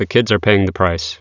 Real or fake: real